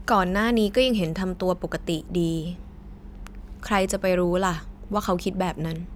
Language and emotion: Thai, neutral